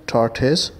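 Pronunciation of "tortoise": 'tortoise' is pronounced correctly here.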